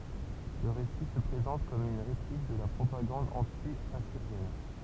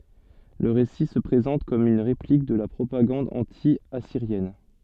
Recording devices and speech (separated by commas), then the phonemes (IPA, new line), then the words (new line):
temple vibration pickup, soft in-ear microphone, read sentence
lə ʁesi sə pʁezɑ̃t kɔm yn ʁeplik də la pʁopaɡɑ̃d ɑ̃tjasiʁjɛn
Le récit se présente comme une réplique de la propagande anti-assyrienne.